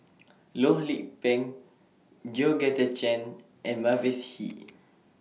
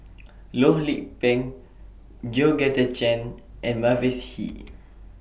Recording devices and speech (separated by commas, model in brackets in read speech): mobile phone (iPhone 6), boundary microphone (BM630), read sentence